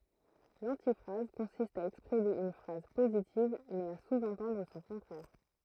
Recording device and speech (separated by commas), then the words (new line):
throat microphone, read sentence
L'antiphrase consiste à exprimer une phrase positive, mais à sous-entendre son contraire.